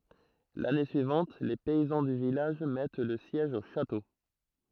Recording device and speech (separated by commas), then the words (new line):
throat microphone, read sentence
L'année suivante, les paysans du village mettent le siège au château.